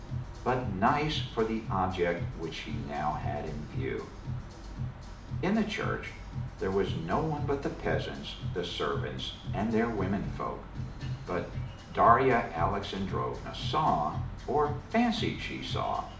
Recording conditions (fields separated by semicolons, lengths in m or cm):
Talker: one person; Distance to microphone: 2.0 m; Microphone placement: close; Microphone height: 99 cm; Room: medium-sized (5.7 m by 4.0 m); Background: music